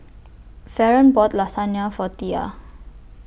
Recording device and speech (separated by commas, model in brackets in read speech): boundary microphone (BM630), read sentence